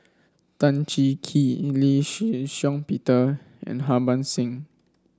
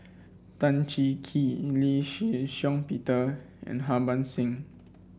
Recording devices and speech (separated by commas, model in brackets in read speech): standing microphone (AKG C214), boundary microphone (BM630), read sentence